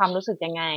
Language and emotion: Thai, neutral